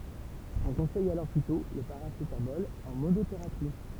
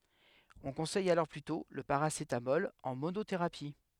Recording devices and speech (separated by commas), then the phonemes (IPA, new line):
temple vibration pickup, headset microphone, read sentence
ɔ̃ kɔ̃sɛj alɔʁ plytɔ̃ lə paʁasetamɔl ɑ̃ monoteʁapi